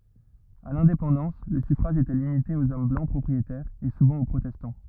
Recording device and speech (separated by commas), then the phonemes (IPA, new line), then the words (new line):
rigid in-ear microphone, read sentence
a lɛ̃depɑ̃dɑ̃s lə syfʁaʒ etɛ limite oz ɔm blɑ̃ pʁɔpʁietɛʁz e suvɑ̃ o pʁotɛstɑ̃
À l'indépendance, le suffrage était limité aux hommes blancs propriétaires, et souvent aux protestants.